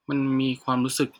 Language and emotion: Thai, neutral